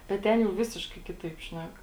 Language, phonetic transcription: Lithuanian, bet ˈten jau ˈvisiškai ˈkitaip ˈšnek

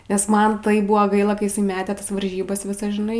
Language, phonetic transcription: Lithuanian, nes ˈman ˈtaip ˈbuvo ˈgaila kai jiˈsai ˈmetė ˈtas varˈžybas ˈvisas žiˈnai

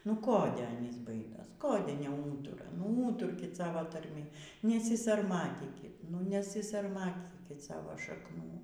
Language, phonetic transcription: Lithuanian, nu ˈkode ˈanys ˈbaidos ˈkode neˈūtura nu ˈūturkit ˈsavo tarˈmi nesisarˈmatykit nu nesisarˈmatykit ˈsavo šakˈnų

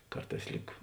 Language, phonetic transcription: Lithuanian, ˈkarˌtās ˈlyg

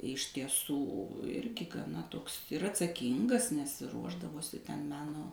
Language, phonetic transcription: Lithuanian, iš tieˈsų ˈirgi gaˈna ˈtoks ir atsaˈkyngas nes ˈruošdavosi ten ˈmeno

